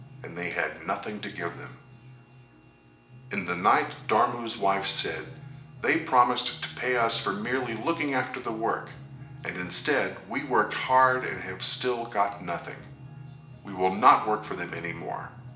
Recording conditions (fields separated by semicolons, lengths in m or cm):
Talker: one person; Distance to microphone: 1.8 m; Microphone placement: close; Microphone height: 1.0 m; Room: large; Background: music